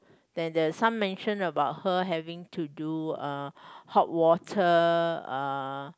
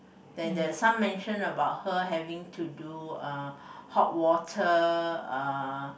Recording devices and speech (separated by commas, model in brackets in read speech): close-talking microphone, boundary microphone, conversation in the same room